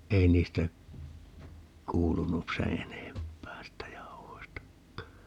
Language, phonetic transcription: Finnish, 'ei niistä , 'kuulunu , "seè 'enemp̀ää 'siittä "jau̬hoistakkaa .
- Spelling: ei niistä kuulunut sen enempää siitä jauhoistakaan

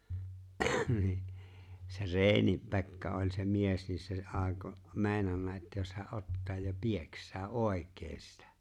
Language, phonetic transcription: Finnish, (ni) se "Re̬ⁱni 'Pekka oĺ se 'mies ni se , '’àeko , 'me̬e̬ⁱnanna että jos hä’ '’ottaa ja "pieks̀ää "òekee sitᴀ̈ .
- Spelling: niin se Reini Pekka oli se mies niin se aikoi meinannut että jos hän ottaa ja pieksää oikein sitä

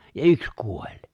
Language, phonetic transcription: Finnish, ja "yks 'kuo͕ĺ .
- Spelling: ja yksi kuoli

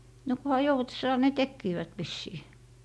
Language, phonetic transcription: Finnish, no 'kuha 'joutᵉssaa ne "tekkiivät 'vissii .
- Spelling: no kunhan joutessaan ne tekivät vissiin

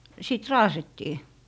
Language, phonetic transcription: Finnish, 'sìt "raasittii .
- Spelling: sitä raasittiin

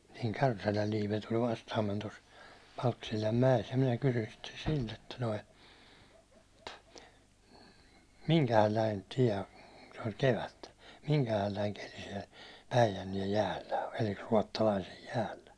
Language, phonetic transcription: Finnish, niiŋ 'Kärsäläl 'Liipe tuĺ 'vastaammen tos , 'Palkkɪsil̜l̜am "mäjes ja minä kysyn sitten 'silt ‿että noi , » "miŋkähälläin tiɛ « , se ol 'kevättä , » 'miŋkähälläiŋ keli siɛl , 'Päijänniɛj "jäällä o , eli 'Ruåttalaisej 'jäällä « .
- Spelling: niin Kärsälän Liipe tuli vastaamme tuossa Palkkisillan mäessä ja minä kysyn sitten siltä että noin minkähänlainen tie se oli kevättä minkähänlainen keli siellä Päijänteen jäällä on eli Ruotsalaisen jäällä

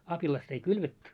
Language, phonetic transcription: Finnish, 'apilast ‿ei "kylvetty .
- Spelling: apilasta ei kylvetty

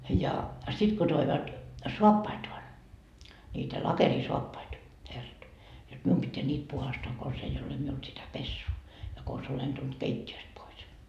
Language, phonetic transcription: Finnish, ja , sit ko toivat , "soappaitoan , niitä "lakerisoappaita , herrat , jot 'mium pitteä ńiit 'puhastaa 'kons ‿ei ole miul sitä "pessuu , ja 'kons ‿olen tult 'keit́t́i₍öst pois .
- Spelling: ja sitten kun toivat saappaitaan niitä lakeerisaappaita herrat jotta minun pitää niitä puhdistaa konsa ei ole minulla sitä pesua ja konsa olen tullut keittiöstä pois

